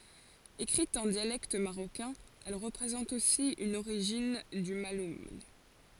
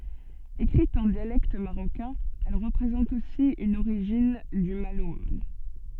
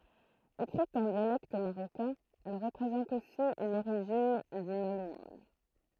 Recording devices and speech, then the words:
forehead accelerometer, soft in-ear microphone, throat microphone, read sentence
Écrite en dialecte marocain, elle représente aussi une origine du malhoun.

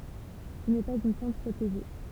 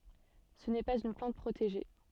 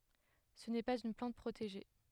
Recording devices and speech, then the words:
temple vibration pickup, soft in-ear microphone, headset microphone, read sentence
Ce n'est pas une plante protégée.

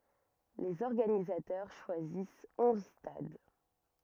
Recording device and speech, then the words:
rigid in-ear microphone, read sentence
Les organisateurs choisissent onze stades.

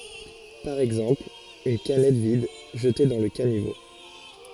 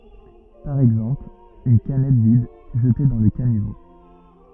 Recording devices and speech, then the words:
forehead accelerometer, rigid in-ear microphone, read sentence
Par exemple, une canette vide, jetée dans le caniveau.

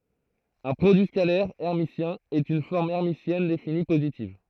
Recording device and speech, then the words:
throat microphone, read sentence
Un produit scalaire hermitien est une forme hermitienne définie positive.

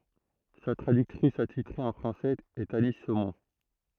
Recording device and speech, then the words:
throat microphone, read sentence
Sa traductrice attitrée en français est Annie Saumont.

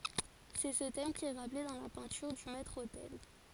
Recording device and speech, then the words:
forehead accelerometer, read sentence
C'est ce thème qui est rappelé dans la peinture du maître-autel.

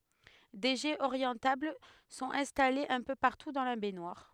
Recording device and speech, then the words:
headset microphone, read sentence
Des jets orientables sont installés un peu partout dans la baignoire.

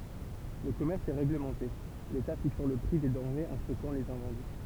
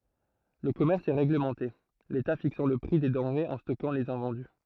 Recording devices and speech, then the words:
temple vibration pickup, throat microphone, read sentence
Le commerce est réglementé, l’État fixant le prix des denrées et stockant les invendus.

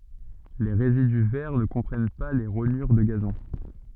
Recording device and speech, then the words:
soft in-ear microphone, read sentence
Les résidus verts ne comprennent pas les rognures de gazon.

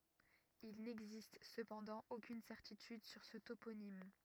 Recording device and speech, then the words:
rigid in-ear microphone, read sentence
Il n'existe cependant aucune certitude sur ce toponyme.

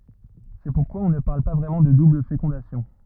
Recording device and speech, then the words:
rigid in-ear microphone, read sentence
C'est pourquoi on ne parle pas vraiment de double fécondation.

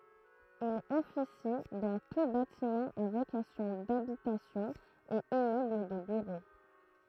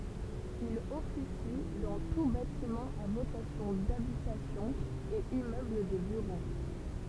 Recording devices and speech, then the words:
throat microphone, temple vibration pickup, read sentence
Il officie dans tous bâtiments à vocation d'habitation et immeubles de bureaux.

